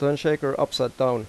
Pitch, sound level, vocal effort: 135 Hz, 89 dB SPL, normal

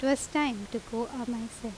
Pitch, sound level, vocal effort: 235 Hz, 83 dB SPL, normal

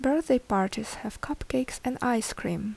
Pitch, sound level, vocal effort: 245 Hz, 73 dB SPL, soft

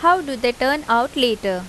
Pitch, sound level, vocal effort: 250 Hz, 88 dB SPL, normal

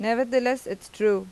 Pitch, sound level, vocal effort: 230 Hz, 89 dB SPL, normal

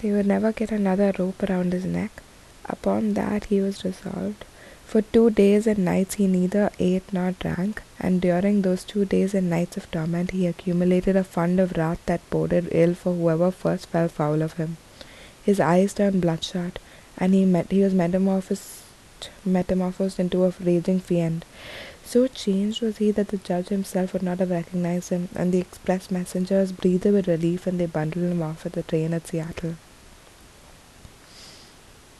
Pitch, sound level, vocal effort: 185 Hz, 73 dB SPL, soft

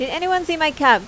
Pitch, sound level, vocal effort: 310 Hz, 90 dB SPL, loud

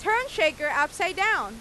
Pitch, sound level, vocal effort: 355 Hz, 99 dB SPL, very loud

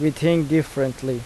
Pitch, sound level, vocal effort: 155 Hz, 84 dB SPL, normal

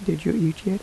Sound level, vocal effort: 78 dB SPL, soft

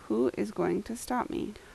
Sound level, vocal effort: 78 dB SPL, normal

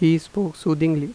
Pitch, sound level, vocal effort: 160 Hz, 85 dB SPL, normal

